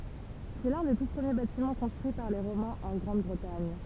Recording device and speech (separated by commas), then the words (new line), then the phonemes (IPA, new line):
temple vibration pickup, read sentence
C'est l'un des tout premiers bâtiments construits par les Romains en Grande-Bretagne.
sɛ lœ̃ de tu pʁəmje batimɑ̃ kɔ̃stʁyi paʁ le ʁomɛ̃z ɑ̃ ɡʁɑ̃dbʁətaɲ